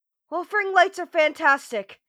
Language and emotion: English, fearful